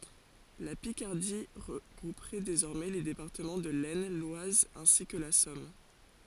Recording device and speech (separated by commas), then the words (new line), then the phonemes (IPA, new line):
forehead accelerometer, read sentence
La Picardie regrouperait désormais les départements de l'Aisne, l'Oise ainsi que la Somme.
la pikaʁdi ʁəɡʁupʁɛ dezɔʁmɛ le depaʁtəmɑ̃ də lɛsn lwaz ɛ̃si kə la sɔm